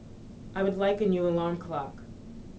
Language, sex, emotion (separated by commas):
English, female, neutral